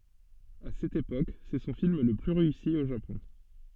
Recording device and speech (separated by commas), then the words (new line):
soft in-ear microphone, read sentence
À cette époque, c'est son film le plus réussi au Japon.